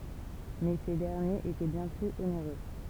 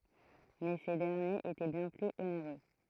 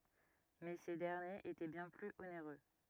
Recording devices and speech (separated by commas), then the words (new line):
temple vibration pickup, throat microphone, rigid in-ear microphone, read sentence
Mais ces derniers étaient bien plus onéreux.